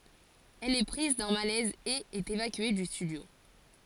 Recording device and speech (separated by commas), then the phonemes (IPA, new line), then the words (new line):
forehead accelerometer, read sentence
ɛl ɛ pʁiz dœ̃ malɛz e ɛt evakye dy stydjo
Elle est prise d'un malaise et est évacuée du studio.